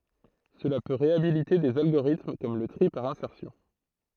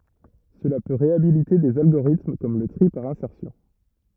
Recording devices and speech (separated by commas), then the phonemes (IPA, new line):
throat microphone, rigid in-ear microphone, read sentence
səla pø ʁeabilite dez alɡoʁitm kɔm lə tʁi paʁ ɛ̃sɛʁsjɔ̃